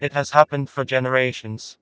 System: TTS, vocoder